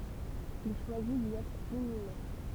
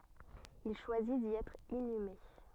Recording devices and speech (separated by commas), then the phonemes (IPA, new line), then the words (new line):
temple vibration pickup, soft in-ear microphone, read sentence
il ʃwazi di ɛtʁ inyme
Il choisit d'y être inhumé.